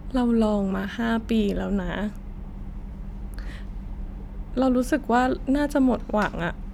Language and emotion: Thai, sad